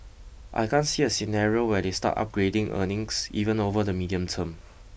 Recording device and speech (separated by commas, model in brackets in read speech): boundary microphone (BM630), read sentence